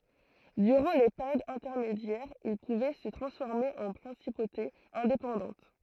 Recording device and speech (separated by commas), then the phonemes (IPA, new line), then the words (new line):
throat microphone, read sentence
dyʁɑ̃ le peʁjodz ɛ̃tɛʁmedjɛʁz il puvɛ sə tʁɑ̃sfɔʁme ɑ̃ pʁɛ̃sipotez ɛ̃depɑ̃dɑ̃t
Durant les périodes intermédiaires, ils pouvaient se transformer en principautés indépendantes.